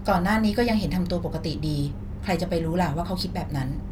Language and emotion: Thai, frustrated